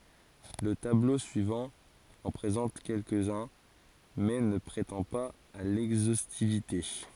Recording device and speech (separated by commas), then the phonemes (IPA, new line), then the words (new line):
forehead accelerometer, read sentence
lə tablo syivɑ̃ ɑ̃ pʁezɑ̃t kɛlkəzœ̃ mɛ nə pʁetɑ̃ paz a lɛɡzostivite
Le tableau suivant en présente quelques-uns, mais ne prétend pas à l'exhaustivité.